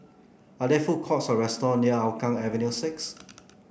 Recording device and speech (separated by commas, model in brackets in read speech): boundary microphone (BM630), read sentence